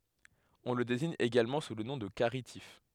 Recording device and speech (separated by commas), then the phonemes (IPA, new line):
headset microphone, read sentence
ɔ̃ lə deziɲ eɡalmɑ̃ su lə nɔ̃ də kaʁitif